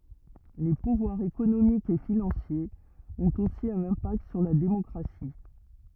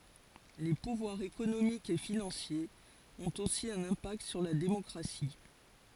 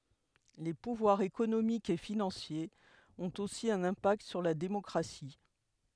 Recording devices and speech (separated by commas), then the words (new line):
rigid in-ear microphone, forehead accelerometer, headset microphone, read sentence
Les pouvoirs économiques et financiers ont aussi un impact sur la démocratie.